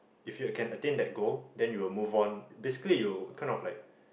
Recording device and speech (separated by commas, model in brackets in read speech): boundary microphone, conversation in the same room